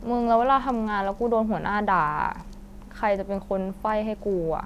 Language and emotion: Thai, frustrated